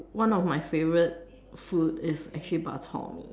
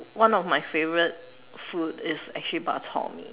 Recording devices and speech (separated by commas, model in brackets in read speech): standing microphone, telephone, conversation in separate rooms